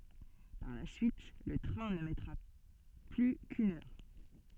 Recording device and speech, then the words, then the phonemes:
soft in-ear microphone, read sentence
Par la suite, le train ne mettra plus qu’une heure.
paʁ la syit lə tʁɛ̃ nə mɛtʁa ply kyn œʁ

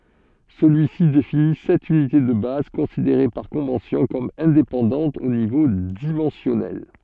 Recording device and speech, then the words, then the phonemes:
soft in-ear microphone, read sentence
Celui-ci définit sept unités de base considérées par convention comme indépendantes au niveau dimensionnel.
səlyisi defini sɛt ynite də baz kɔ̃sideʁe paʁ kɔ̃vɑ̃sjɔ̃ kɔm ɛ̃depɑ̃dɑ̃tz o nivo dimɑ̃sjɔnɛl

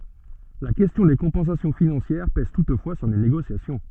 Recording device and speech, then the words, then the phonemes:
soft in-ear microphone, read sentence
La question des compensations financières pèse toutefois sur les négociations.
la kɛstjɔ̃ de kɔ̃pɑ̃sasjɔ̃ finɑ̃sjɛʁ pɛz tutfwa syʁ le neɡosjasjɔ̃

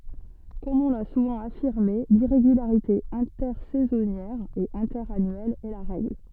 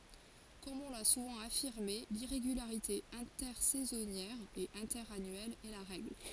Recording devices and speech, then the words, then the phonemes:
soft in-ear microphone, forehead accelerometer, read sentence
Comme on l'a souvent affirmé, l'irrégularité intersaisonnière et interannuelle est la règle.
kɔm ɔ̃ la suvɑ̃ afiʁme liʁeɡylaʁite ɛ̃tɛʁsɛzɔnjɛʁ e ɛ̃tɛʁanyɛl ɛ la ʁɛɡl

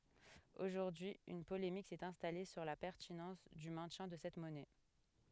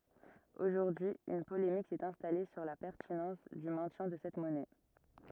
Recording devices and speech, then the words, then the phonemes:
headset microphone, rigid in-ear microphone, read sentence
Aujourd'hui, une polémique s'est installée sur la pertinence du maintien de cette monnaie.
oʒuʁdyi yn polemik sɛt ɛ̃stale syʁ la pɛʁtinɑ̃s dy mɛ̃tjɛ̃ də sɛt mɔnɛ

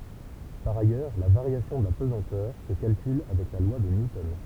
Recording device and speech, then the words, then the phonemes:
temple vibration pickup, read sentence
Par ailleurs, la variation de la pesanteur se calcule avec la loi de Newton.
paʁ ajœʁ la vaʁjasjɔ̃ də la pəzɑ̃tœʁ sə kalkyl avɛk la lwa də njutɔn

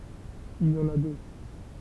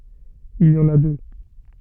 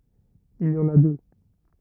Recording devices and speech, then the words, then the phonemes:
temple vibration pickup, soft in-ear microphone, rigid in-ear microphone, read sentence
Il y en a deux.
il i ɑ̃n a dø

